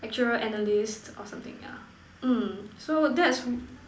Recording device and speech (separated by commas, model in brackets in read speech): standing microphone, conversation in separate rooms